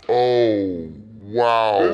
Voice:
deep voice